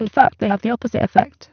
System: VC, spectral filtering